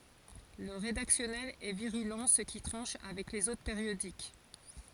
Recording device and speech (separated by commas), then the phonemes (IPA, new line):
forehead accelerometer, read sentence
lə ʁedaksjɔnɛl ɛ viʁylɑ̃ sə ki tʁɑ̃ʃ avɛk lez otʁ peʁjodik